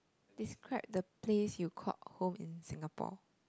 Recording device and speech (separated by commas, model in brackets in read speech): close-talking microphone, conversation in the same room